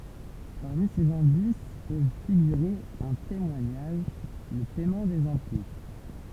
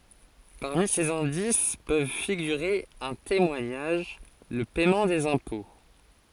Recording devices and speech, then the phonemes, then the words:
temple vibration pickup, forehead accelerometer, read sentence
paʁmi sez ɛ̃dis pøv fiɡyʁe œ̃ temwaɲaʒ lə pɛmɑ̃ dez ɛ̃pɔ̃
Parmi ces indices peuvent figurer un témoignage, le paiement des impôts...

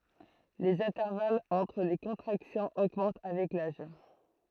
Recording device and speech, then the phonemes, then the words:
throat microphone, read sentence
lez ɛ̃tɛʁvalz ɑ̃tʁ le kɔ̃tʁaksjɔ̃z oɡmɑ̃t avɛk laʒ
Les intervalles entre les contractions augmentent avec l'âge.

